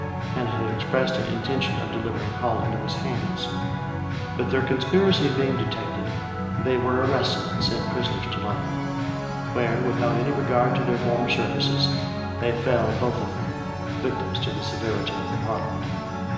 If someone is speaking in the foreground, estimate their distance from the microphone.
1.7 m.